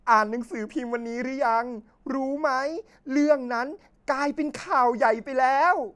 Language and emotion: Thai, happy